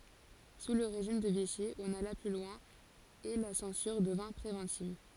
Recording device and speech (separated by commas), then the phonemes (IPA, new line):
forehead accelerometer, read sentence
su lə ʁeʒim də viʃi ɔ̃n ala ply lwɛ̃ e la sɑ̃syʁ dəvɛ̃ pʁevɑ̃tiv